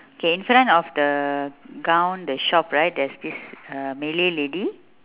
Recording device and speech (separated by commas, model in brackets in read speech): telephone, conversation in separate rooms